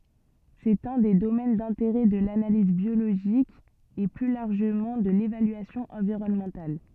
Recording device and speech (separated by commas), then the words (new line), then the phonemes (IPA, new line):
soft in-ear microphone, read sentence
C'est un des domaines d'intérêt de l'analyse biologique et plus largement de l'évaluation environnementale.
sɛt œ̃ de domɛn dɛ̃teʁɛ də lanaliz bjoloʒik e ply laʁʒəmɑ̃ də levalyasjɔ̃ ɑ̃viʁɔnmɑ̃tal